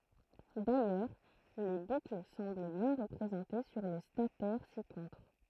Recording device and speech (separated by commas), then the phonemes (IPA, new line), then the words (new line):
throat microphone, read sentence
dajœʁ le bukl sɑ̃bl bjɛ̃ ʁəpʁezɑ̃te syʁ lə statɛʁ sikɔ̃tʁ
D'ailleurs, les boucles semblent bien représentées sur le statère ci-contre.